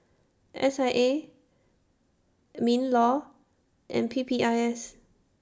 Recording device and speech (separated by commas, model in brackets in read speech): standing microphone (AKG C214), read sentence